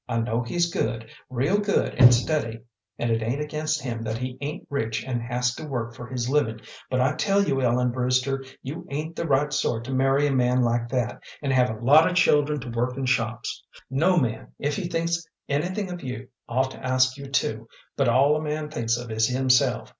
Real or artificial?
real